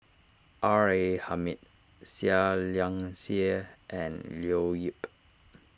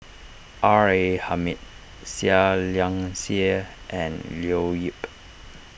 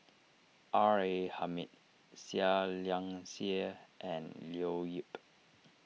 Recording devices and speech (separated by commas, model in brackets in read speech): standing microphone (AKG C214), boundary microphone (BM630), mobile phone (iPhone 6), read sentence